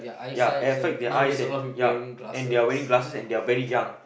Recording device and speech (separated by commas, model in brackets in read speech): boundary microphone, conversation in the same room